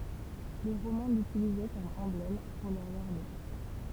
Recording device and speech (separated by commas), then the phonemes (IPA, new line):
temple vibration pickup, read sentence
le ʁomɛ̃ lytilizɛ kɔm ɑ̃blɛm puʁ lœʁz aʁme